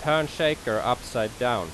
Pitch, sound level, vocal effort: 125 Hz, 90 dB SPL, loud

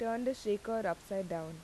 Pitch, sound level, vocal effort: 205 Hz, 84 dB SPL, normal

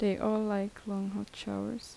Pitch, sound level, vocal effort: 205 Hz, 76 dB SPL, soft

